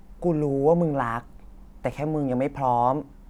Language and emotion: Thai, neutral